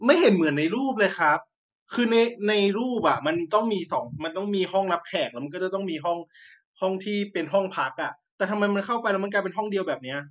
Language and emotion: Thai, frustrated